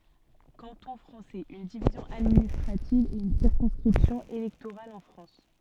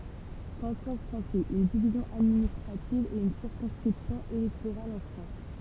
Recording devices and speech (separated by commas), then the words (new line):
soft in-ear microphone, temple vibration pickup, read sentence
Canton français, une division administrative et une circonscription électorale en France.